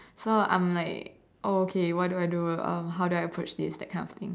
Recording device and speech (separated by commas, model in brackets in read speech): standing microphone, conversation in separate rooms